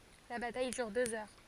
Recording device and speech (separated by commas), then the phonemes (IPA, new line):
forehead accelerometer, read sentence
la bataj dyʁ døz œʁ